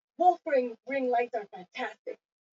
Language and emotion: English, disgusted